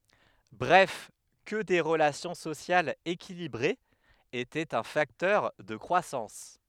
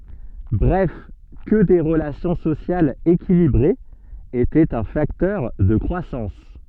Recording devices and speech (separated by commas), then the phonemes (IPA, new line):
headset microphone, soft in-ear microphone, read sentence
bʁɛf kə de ʁəlasjɔ̃ sosjalz ekilibʁez etɛt œ̃ faktœʁ də kʁwasɑ̃s